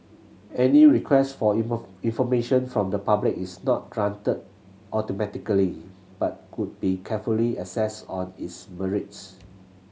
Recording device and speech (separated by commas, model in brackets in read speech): mobile phone (Samsung C7100), read sentence